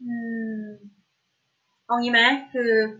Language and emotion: Thai, frustrated